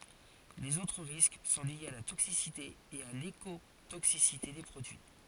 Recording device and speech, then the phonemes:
forehead accelerometer, read sentence
lez otʁ ʁisk sɔ̃ ljez a la toksisite e a lekotoksisite de pʁodyi

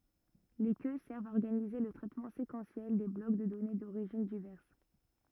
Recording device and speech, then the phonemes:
rigid in-ear microphone, read sentence
le kø sɛʁvt a ɔʁɡanize lə tʁɛtmɑ̃ sekɑ̃sjɛl de blɔk də dɔne doʁiʒin divɛʁs

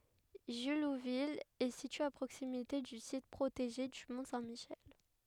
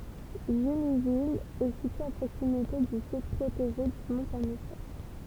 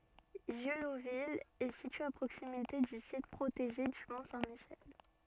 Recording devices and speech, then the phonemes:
headset microphone, temple vibration pickup, soft in-ear microphone, read sentence
ʒyluvil ɛ sitye a pʁoksimite dy sit pʁoteʒe dy mɔ̃ sɛ̃ miʃɛl

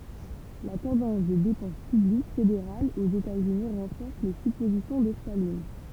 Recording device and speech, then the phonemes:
temple vibration pickup, read sentence
la tɑ̃dɑ̃s de depɑ̃s pyblik fedeʁalz oz etaz yni ʁɑ̃fɔʁs le sypozisjɔ̃ də stalin

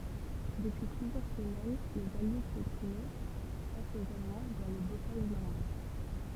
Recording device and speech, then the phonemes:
temple vibration pickup, read sentence
dəpyi plyzjœʁ səmɛn lez alje pjetinɛ fas oz almɑ̃ dɑ̃ lə bokaʒ nɔʁmɑ̃

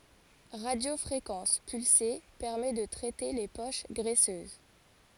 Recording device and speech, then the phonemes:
forehead accelerometer, read sentence
ʁadjofʁekɑ̃s pylse pɛʁmɛ də tʁɛte le poʃ ɡʁɛsøz

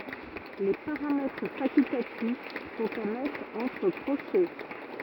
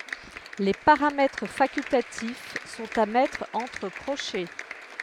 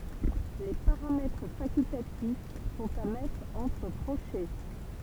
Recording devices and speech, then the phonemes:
rigid in-ear microphone, headset microphone, temple vibration pickup, read sentence
le paʁamɛtʁ fakyltatif sɔ̃t a mɛtʁ ɑ̃tʁ kʁoʃɛ

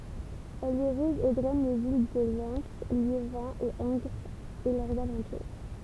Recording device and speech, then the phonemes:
temple vibration pickup, read sentence
ɛl iʁiɡ e dʁɛn le vil də lɛn ljevɛ̃ e ɑ̃ɡʁz e lœʁz alɑ̃tuʁ

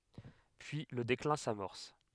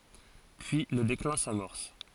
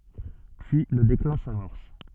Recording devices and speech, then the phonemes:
headset microphone, forehead accelerometer, soft in-ear microphone, read sentence
pyi lə deklɛ̃ samɔʁs

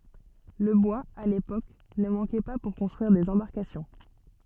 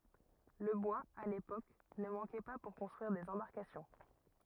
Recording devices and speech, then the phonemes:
soft in-ear microphone, rigid in-ear microphone, read sentence
lə bwaz a lepok nə mɑ̃kɛ pa puʁ kɔ̃stʁyiʁ dez ɑ̃baʁkasjɔ̃

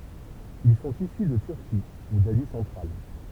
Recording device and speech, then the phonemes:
temple vibration pickup, read sentence
il sɔ̃t isy də tyʁki u dazi sɑ̃tʁal

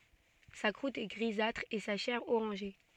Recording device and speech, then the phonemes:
soft in-ear microphone, read sentence
sa kʁut ɛ ɡʁizatʁ e sa ʃɛʁ oʁɑ̃ʒe

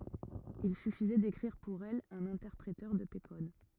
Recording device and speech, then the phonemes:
rigid in-ear microphone, read sentence
il syfizɛ dekʁiʁ puʁ ɛl œ̃n ɛ̃tɛʁpʁetœʁ də pe kɔd

